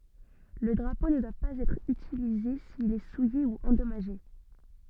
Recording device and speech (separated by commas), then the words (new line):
soft in-ear microphone, read sentence
Le drapeau ne doit pas être utilisé s'il est souillé ou endommagé.